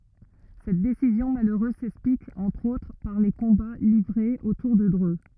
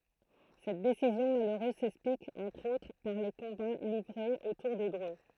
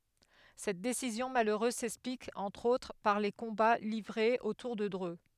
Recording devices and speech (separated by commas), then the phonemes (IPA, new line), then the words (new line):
rigid in-ear microphone, throat microphone, headset microphone, read sentence
sɛt desizjɔ̃ maløʁøz sɛksplik ɑ̃tʁ otʁ paʁ le kɔ̃ba livʁez otuʁ də dʁø
Cette décision malheureuse s'explique entre autre par les combats livrés autour de Dreux.